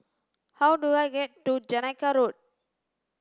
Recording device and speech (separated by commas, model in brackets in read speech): standing microphone (AKG C214), read sentence